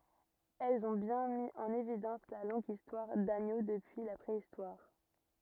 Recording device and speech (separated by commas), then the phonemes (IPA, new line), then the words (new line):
rigid in-ear microphone, read sentence
ɛlz ɔ̃ bjɛ̃ mi ɑ̃n evidɑ̃s la lɔ̃ɡ istwaʁ daɲo dəpyi la pʁeistwaʁ
Elles ont bien mis en évidence la longue histoire d'Agneaux depuis la Préhistoire.